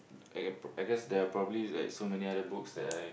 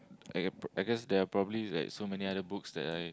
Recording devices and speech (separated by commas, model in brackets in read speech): boundary microphone, close-talking microphone, conversation in the same room